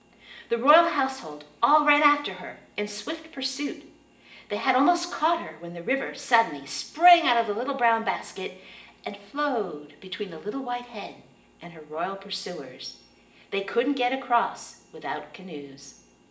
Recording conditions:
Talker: one person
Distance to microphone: 1.8 m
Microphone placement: close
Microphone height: 1.0 m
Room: large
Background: none

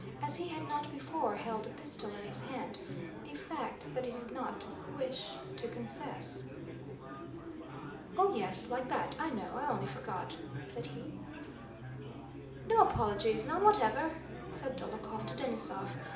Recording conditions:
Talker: one person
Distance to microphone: 2.0 m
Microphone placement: close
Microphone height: 99 cm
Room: medium-sized (5.7 m by 4.0 m)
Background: babble

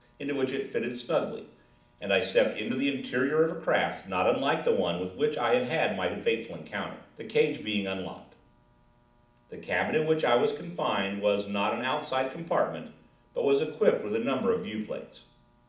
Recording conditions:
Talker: one person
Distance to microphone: 2.0 m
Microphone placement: close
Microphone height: 99 cm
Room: medium-sized (5.7 m by 4.0 m)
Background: none

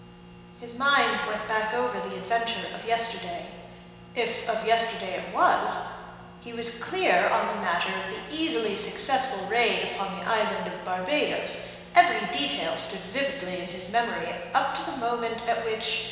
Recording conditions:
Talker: one person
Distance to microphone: 1.7 m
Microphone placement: close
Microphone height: 1.0 m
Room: very reverberant, large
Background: none

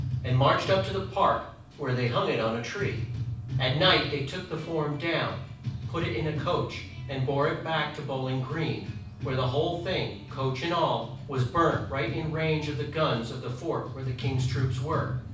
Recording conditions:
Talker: one person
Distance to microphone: 5.8 m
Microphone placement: far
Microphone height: 1.8 m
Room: medium-sized (5.7 m by 4.0 m)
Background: music

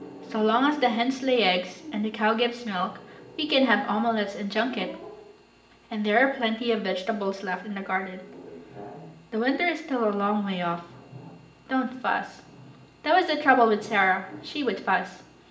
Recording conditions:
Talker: one person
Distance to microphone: 1.8 m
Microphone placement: close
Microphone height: 1.0 m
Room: large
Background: television

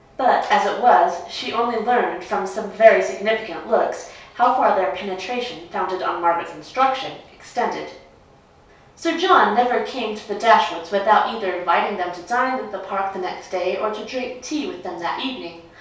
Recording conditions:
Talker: one person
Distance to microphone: 3.0 m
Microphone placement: far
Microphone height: 1.8 m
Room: small (3.7 m by 2.7 m)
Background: none

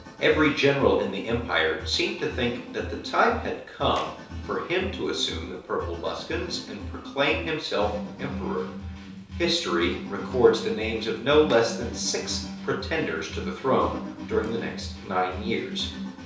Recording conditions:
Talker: one person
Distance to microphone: 3.0 m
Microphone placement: far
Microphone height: 1.8 m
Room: small (3.7 m by 2.7 m)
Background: music

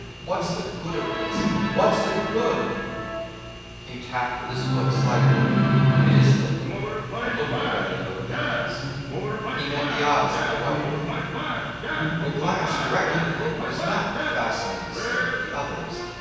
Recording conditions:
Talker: one person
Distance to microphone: 7.1 m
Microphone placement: far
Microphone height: 1.7 m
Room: very reverberant, large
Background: television

